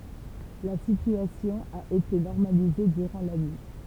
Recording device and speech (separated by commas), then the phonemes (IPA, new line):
temple vibration pickup, read sentence
la sityasjɔ̃ a ete nɔʁmalize dyʁɑ̃ la nyi